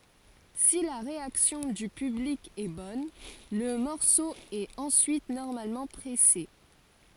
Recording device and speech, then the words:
forehead accelerometer, read sentence
Si la réaction du public est bonne, le morceau est ensuite normalement pressé.

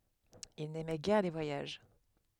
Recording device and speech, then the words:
headset microphone, read sentence
Il n'aimait guère les voyages.

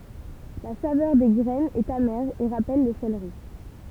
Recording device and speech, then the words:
temple vibration pickup, read sentence
La saveur des graines est amère et rappelle le céleri.

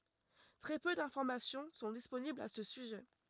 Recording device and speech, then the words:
rigid in-ear microphone, read sentence
Très peu d'informations sont disponibles à ce sujet.

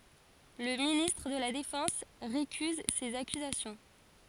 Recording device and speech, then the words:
forehead accelerometer, read sentence
Le ministre de la Défense récuse ces accusations.

